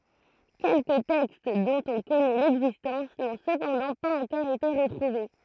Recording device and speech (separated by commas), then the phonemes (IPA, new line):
throat microphone, read sentence
kɛlkə tɛkst dɔ̃t ɔ̃ kɔnɛ lɛɡzistɑ̃s nɔ̃ səpɑ̃dɑ̃ paz ɑ̃kɔʁ ete ʁətʁuve